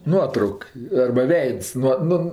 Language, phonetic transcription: Lithuanian, ˈnuotrauk arba ˈveids nuo ˈnu

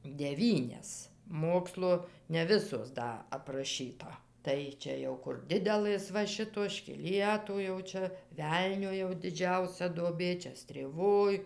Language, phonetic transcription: Lithuanian, deˈvynias ˈmokslo ne ˈvisos ˈda apraˈšyta ˈtai čia ˈjau kur ˈdidelɘs va ˈšitos škiˈlietu jau ˈčia ˈvelnio jau diˈdžiausia duoˈbė ˈčia strėˈvoj

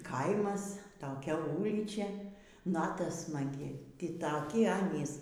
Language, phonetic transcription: Lithuanian, ˈkaimas toˈkiaˈ ˈūlyčia ˈnata smaˈgi ˈtį taˈki ˈanys

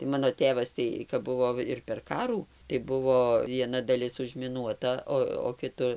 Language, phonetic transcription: Lithuanian, tai ˈmano ˈtėvas ˈtai kap ˈbuvo ir per ˈkarų tai ˈbuvo vieˈna daˈlis užmiˈnuota ˈo o kiˈtu

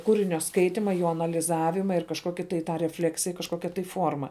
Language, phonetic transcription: Lithuanian, ˈkūrinio ˈskaitima ˈjo analiˈzavima ir kažˈkoki tai ˈtą reˈfleksija kažˈkokia tai ˈfuorma

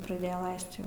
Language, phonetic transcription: Lithuanian, praˈdėja ˈlaist ˈjau

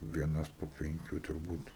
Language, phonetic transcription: Lithuanian, vieˈnas po penˈkių turˈbūt

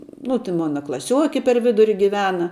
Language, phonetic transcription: Lithuanian, nu ti ˈmona klaˈsiuoki per ˈviduri giˈvena

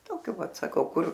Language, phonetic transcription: Lithuanian, ˈtokio ˈvat saˈkau ˈkur

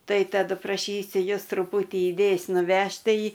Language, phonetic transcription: Lithuanian, ˈtai taˈdu praˈšysiu ˈjus truˈpūtį iˈdėjs nuˈvežt' ˈtai

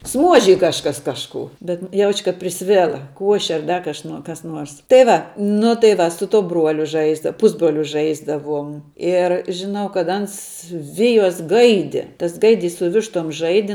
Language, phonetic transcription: Lithuanian, ˈsmuožij kažˈkas ˈkažkų bet ˈjauč' kad priˈsvela ˈkuoše ar ˈdar kaš kas ˈnuors tai ˈva nu tai ˈva su ˈtuo ˈbruoliu ˈžaisda ˈpusbroliu ˈžaisdavuom ir žiˈnau kad ˈans ˈvijos ˈgaidi tas ˈgaidys su ˈvištom ˈžaidi

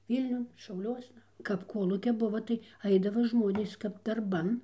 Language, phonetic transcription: Lithuanian, ˈvylniun šauˈliuosna kap ˈkolūkia ˈbuva tai ˈaidava ˈžmonės kap darˈban

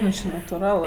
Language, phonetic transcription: Lithuanian, ˈvysks či natuˈral

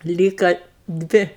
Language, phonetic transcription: Lithuanian, ˈlyka ˈdvi

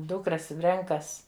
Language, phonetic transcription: Lithuanian, ˈdūkras ˈrenkas

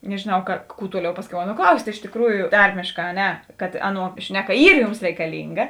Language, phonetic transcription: Lithuanian, nežėˈnau ka kų ˈtuoˌliau ˈpasˌkiau ˈaˌnuo ˈklaust' iš tėkˈrųju ˈtarmėšˌkā a ˈne kad ˈaˌnuo ˈšneˌka ˈyr ˈjūms reikaˈlynga

